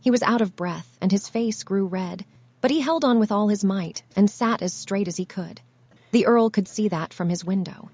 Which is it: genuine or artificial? artificial